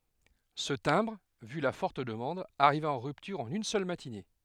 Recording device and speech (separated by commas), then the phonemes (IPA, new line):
headset microphone, read sentence
sə tɛ̃bʁ vy la fɔʁt dəmɑ̃d aʁiva ɑ̃ ʁyptyʁ ɑ̃n yn sœl matine